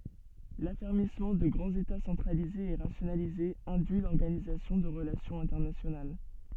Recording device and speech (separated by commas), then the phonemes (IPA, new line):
soft in-ear microphone, read sentence
lafɛʁmismɑ̃ də ɡʁɑ̃z eta sɑ̃tʁalizez e ʁasjonalizez ɛ̃dyi lɔʁɡanizasjɔ̃ də ʁəlasjɔ̃z ɛ̃tɛʁnasjonal